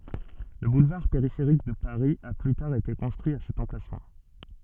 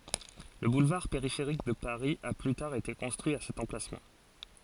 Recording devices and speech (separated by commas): soft in-ear microphone, forehead accelerometer, read sentence